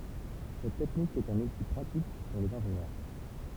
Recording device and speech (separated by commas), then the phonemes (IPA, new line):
temple vibration pickup, read sentence
sɛt tɛknik ɛt œ̃n uti pʁatik puʁ lez ɛ̃ʒenjœʁ